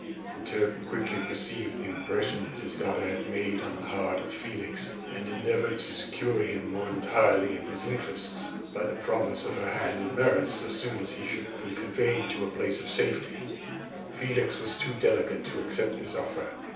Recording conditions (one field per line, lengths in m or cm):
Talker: one person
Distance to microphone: 3.0 m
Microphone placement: far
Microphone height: 1.8 m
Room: small (3.7 m by 2.7 m)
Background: babble